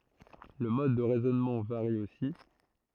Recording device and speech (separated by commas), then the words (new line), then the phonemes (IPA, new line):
throat microphone, read sentence
Le mode de raisonnement varie aussi.
lə mɔd də ʁɛzɔnmɑ̃ vaʁi osi